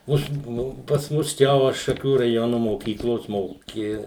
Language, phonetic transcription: Lithuanian, ˈuž ˈnu pas ˈmus ˈčia ˈva šaˈkių raˈjonu moˈkyklos ˈmoki

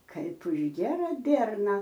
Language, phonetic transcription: Lithuanian, ˈkaip už ˈgiera ˈbierna

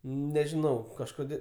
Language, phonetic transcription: Lithuanian, nežiˈnau kažˈkodė

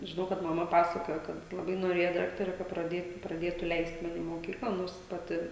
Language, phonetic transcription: Lithuanian, žiˈnau kad maˈma ˈpasakojo kad laˈbai noˈrėja ˈdaktare ka praˈdėtu praˈdėtu ˈleist ˈmani i moˈkykla ˈnors ˈpati

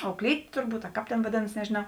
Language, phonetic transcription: Lithuanian, auˈklytė turˈbūt a ˈkāp tėn vaˈdėnas nežėˈnau

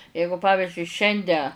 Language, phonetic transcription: Lithuanian, ˈjeigu ˈpavižiui ˈšiande

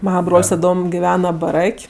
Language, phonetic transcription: Lithuanian, ˈmana ˈbrol's' taˈdom giˈvena baˈrak'

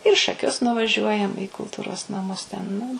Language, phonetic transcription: Lithuanian, ir į šaˈkius nuvaˈžiuojam į kulˈtūros naˈmus ten nu

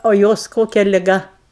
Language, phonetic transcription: Lithuanian, o ˈjos ˈkokia liˈga

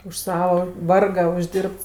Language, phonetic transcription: Lithuanian, už ˈsava ˈvarga užˈdyrbts

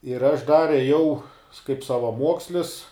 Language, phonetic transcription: Lithuanian, ir aš ˈdar ėˈjau kaip savaˈmuokslis

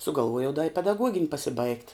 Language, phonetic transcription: Lithuanian, sugalˈvuojau da i pedaˈguogin' pasiˈbaigt

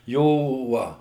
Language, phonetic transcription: Lithuanian, ˈjo ˈva

